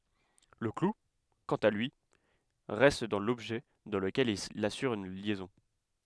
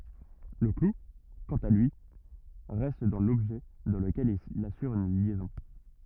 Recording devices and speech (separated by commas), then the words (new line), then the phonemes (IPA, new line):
headset microphone, rigid in-ear microphone, read sentence
Le clou, quant à lui, reste dans l'objet dans lequel il assure une liaison.
lə klu kɑ̃t a lyi ʁɛst dɑ̃ lɔbʒɛ dɑ̃ ləkɛl il asyʁ yn ljɛzɔ̃